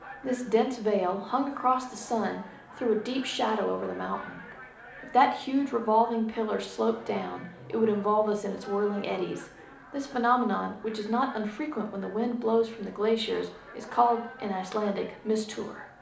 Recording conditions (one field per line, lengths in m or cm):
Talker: one person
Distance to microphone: 2.0 m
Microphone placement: close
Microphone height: 99 cm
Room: medium-sized (5.7 m by 4.0 m)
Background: television